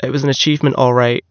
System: none